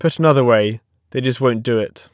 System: none